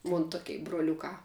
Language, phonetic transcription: Lithuanian, ˈmun ˈtukei broˈliukā

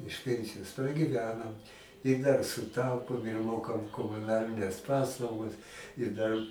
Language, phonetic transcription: Lithuanian, iš ˈpensijos pragyˈvenam i dar suˈtaupom ir ˈmokam komuˈnalines ˈpaslaugas i ˈdar

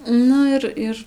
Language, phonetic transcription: Lithuanian, ˈnu ir ˈir

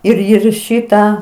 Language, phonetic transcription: Lithuanian, ir ir ˈšitą

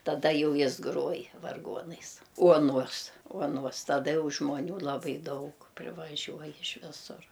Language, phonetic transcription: Lithuanian, taˈda ˈjau ˈjis ˈgruoj varˈguonais ˈuoˌnuos uoˈnuos taˈda ˈjau žmoˈnių laˈbai ˈdaug privaˈžiuoj iš ˈvisur

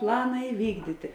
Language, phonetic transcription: Lithuanian, ˈplana iˈvykdyti

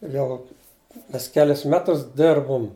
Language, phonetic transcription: Lithuanian, ˈjau ˈmes ˈkelis ˈmetus ˈdirbum

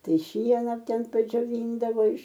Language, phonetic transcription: Lithuanian, ˈtai ˈšiena ˈten padžioˈvyndavo iš

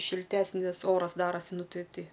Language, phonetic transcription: Lithuanian, šilˈtesnis ˈoras ˈdarasi ˈnu ˈti ˈti

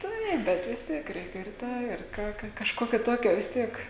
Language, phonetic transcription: Lithuanian, ˈtaip ˈbet vis ˈtiek ˈreikia ir ˈtą ir ˈką ˈka kažˈkokio ˈtokio vis ˈtiek

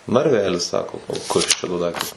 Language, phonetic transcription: Lithuanian, narˈvelis ˈsako kas ˈčia do ˈdaiktas

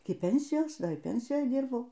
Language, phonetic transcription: Lithuanian, ˈiki ˈpensijos ˈdar ir ˈpensijoj ˈdirbau

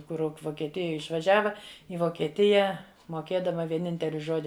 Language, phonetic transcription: Lithuanian, ˈkur vokieˈtija išvaˈžiava i vokieˈtija moˈkėdama vieˈninteli ˈžodi

